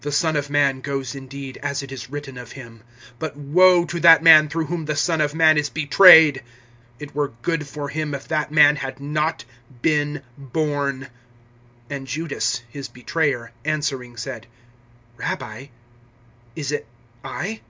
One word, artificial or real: real